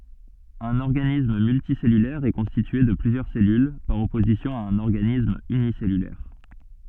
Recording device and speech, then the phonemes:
soft in-ear microphone, read sentence
œ̃n ɔʁɡanism myltisɛlylɛʁ ɛ kɔ̃stitye də plyzjœʁ sɛlyl paʁ ɔpozisjɔ̃ a œ̃n ɔʁɡanism ynisɛlylɛʁ

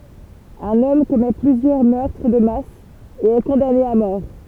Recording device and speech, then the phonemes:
temple vibration pickup, read sentence
œ̃n ɔm kɔmɛ plyzjœʁ mœʁtʁ də mas e ɛ kɔ̃dane a mɔʁ

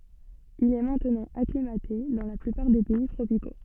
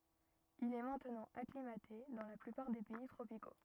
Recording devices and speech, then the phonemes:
soft in-ear microphone, rigid in-ear microphone, read sentence
il ɛ mɛ̃tnɑ̃ aklimate dɑ̃ la plypaʁ de pɛi tʁopiko

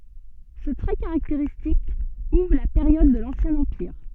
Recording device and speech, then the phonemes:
soft in-ear microphone, read sentence
sə tʁɛ kaʁakteʁistik uvʁ la peʁjɔd də lɑ̃sjɛ̃ ɑ̃piʁ

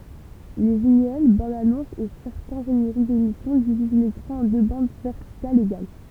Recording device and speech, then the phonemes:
temple vibration pickup, read sentence
le ʒɛ̃ɡl bɑ̃dzanɔ̃sz e sɛʁtɛ̃ ʒeneʁik demisjɔ̃ diviz lekʁɑ̃ ɑ̃ dø bɑ̃d vɛʁtikalz eɡal

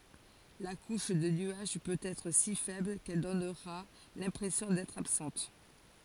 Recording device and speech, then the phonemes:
forehead accelerometer, read sentence
la kuʃ də nyaʒ pøt ɛtʁ si fɛbl kɛl dɔnʁa lɛ̃pʁɛsjɔ̃ dɛtʁ absɑ̃t

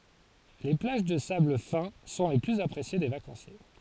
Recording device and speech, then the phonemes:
forehead accelerometer, read sentence
le plaʒ də sabl fɛ̃ sɔ̃ le plyz apʁesje de vakɑ̃sje

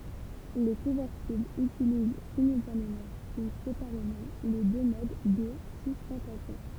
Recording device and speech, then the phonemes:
temple vibration pickup, read sentence
le kɔ̃vɛʁtiblz ytiliz simyltanemɑ̃ u sepaʁemɑ̃ le dø mod də systɑ̃tasjɔ̃

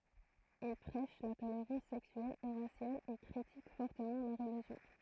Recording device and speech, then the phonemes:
throat microphone, read sentence
il pʁɛʃ la toleʁɑ̃s sɛksyɛl e ʁasjal e kʁitik fɔʁtəmɑ̃ la ʁəliʒjɔ̃

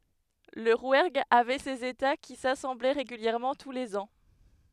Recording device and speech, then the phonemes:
headset microphone, read sentence
lə ʁwɛʁɡ avɛ sez eta ki sasɑ̃blɛ ʁeɡyljɛʁmɑ̃ tu lez ɑ̃

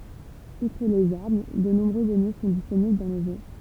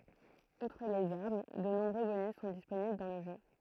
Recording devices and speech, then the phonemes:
temple vibration pickup, throat microphone, read sentence
utʁ lez aʁm də nɔ̃bʁø bonys sɔ̃ disponibl dɑ̃ lə ʒø

